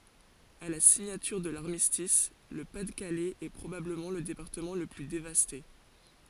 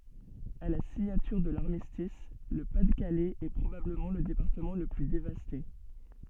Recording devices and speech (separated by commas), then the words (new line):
forehead accelerometer, soft in-ear microphone, read sentence
À la signature de l'Armistice, le Pas-de-Calais est probablement le département le plus dévasté.